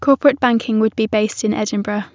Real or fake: real